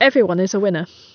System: none